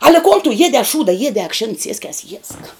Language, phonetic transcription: Lithuanian, ale kon tu ˈjiedē a ˈšūda ˈjiedē akˈšėn ˈsieskias jiesk

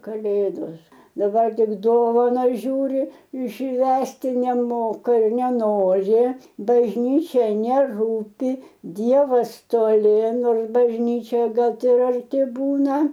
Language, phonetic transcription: Lithuanian, kaˈlėdos daˈbar ˈtik ˈdovanas ˈžiūri ˈšvęsti neˈmoka i neˈnori bažˈnyčia neˈrūpi ˈdievas toˈli ˈnors bažˈnyčioje ˈgal ti ir arˈti ˈbūna

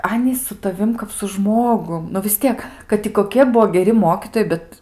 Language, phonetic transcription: Lithuanian, ˈanys su taˈvim kap su ˈžmogum nu vis ˈtiek kad i koˈkie ˈbuo geˈri ˈmokytojai ˈbet

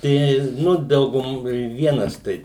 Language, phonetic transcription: Lithuanian, ˈtei ˈnu ˈdaugum ir ˈvienas ˈtai

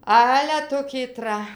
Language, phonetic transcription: Lithuanian, ˈale ˈtu kyˈtra

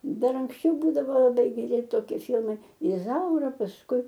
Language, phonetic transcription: Lithuanian, ˈdar anksˈčiau ˈbūdavo laˈbai geˈri toˈkie ˈfilmai iˈzaura pasˈkui

